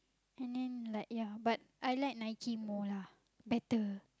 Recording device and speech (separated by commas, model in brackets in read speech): close-talking microphone, conversation in the same room